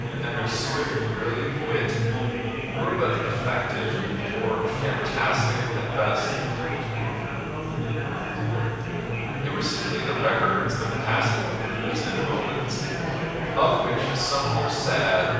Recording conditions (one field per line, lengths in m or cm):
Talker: one person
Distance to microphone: 7.1 m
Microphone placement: far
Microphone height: 1.7 m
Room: very reverberant, large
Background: babble